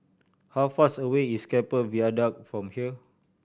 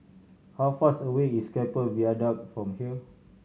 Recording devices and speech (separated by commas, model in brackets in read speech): boundary microphone (BM630), mobile phone (Samsung C7100), read sentence